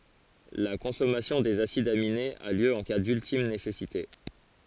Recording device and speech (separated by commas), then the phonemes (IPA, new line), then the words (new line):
forehead accelerometer, read sentence
la kɔ̃sɔmasjɔ̃ dez asidz aminez a ljø ɑ̃ ka dyltim nesɛsite
La consommation des acides aminés a lieu en cas d'ultime nécessité.